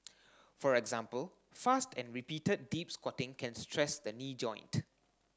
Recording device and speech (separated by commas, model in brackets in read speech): standing microphone (AKG C214), read sentence